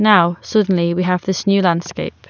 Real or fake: real